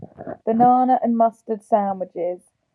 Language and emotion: English, neutral